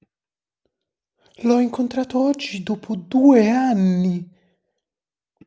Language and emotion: Italian, surprised